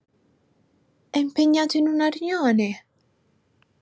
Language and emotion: Italian, happy